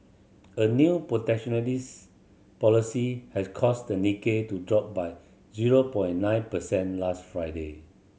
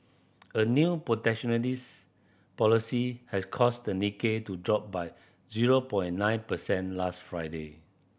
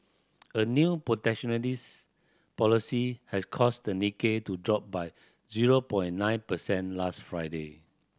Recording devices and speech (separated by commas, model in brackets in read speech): mobile phone (Samsung C7100), boundary microphone (BM630), standing microphone (AKG C214), read sentence